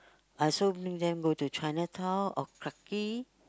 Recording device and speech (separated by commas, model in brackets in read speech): close-talking microphone, conversation in the same room